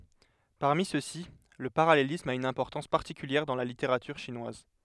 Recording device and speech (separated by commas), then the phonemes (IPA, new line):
headset microphone, read sentence
paʁmi søksi lə paʁalelism a yn ɛ̃pɔʁtɑ̃s paʁtikyljɛʁ dɑ̃ la liteʁatyʁ ʃinwaz